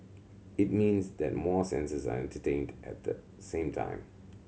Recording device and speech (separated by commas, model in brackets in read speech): mobile phone (Samsung C7100), read sentence